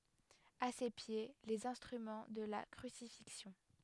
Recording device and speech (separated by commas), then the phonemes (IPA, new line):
headset microphone, read sentence
a se pje lez ɛ̃stʁymɑ̃ də la kʁysifiksjɔ̃